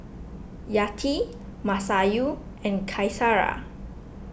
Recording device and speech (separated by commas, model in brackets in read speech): boundary microphone (BM630), read sentence